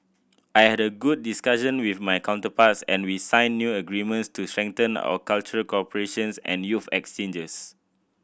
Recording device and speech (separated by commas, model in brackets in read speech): boundary microphone (BM630), read sentence